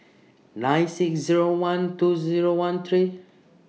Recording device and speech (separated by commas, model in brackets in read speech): mobile phone (iPhone 6), read sentence